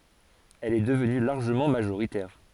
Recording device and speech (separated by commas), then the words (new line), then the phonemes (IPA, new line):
forehead accelerometer, read sentence
Elle est devenue largement majoritaire.
ɛl ɛ dəvny laʁʒəmɑ̃ maʒoʁitɛʁ